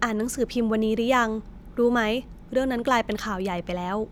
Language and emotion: Thai, neutral